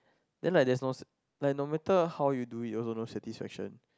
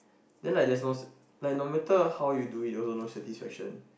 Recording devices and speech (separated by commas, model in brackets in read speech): close-talking microphone, boundary microphone, conversation in the same room